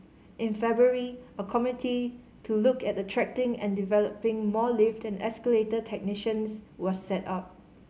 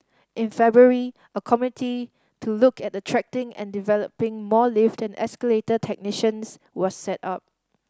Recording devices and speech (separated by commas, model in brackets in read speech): mobile phone (Samsung C5010), standing microphone (AKG C214), read sentence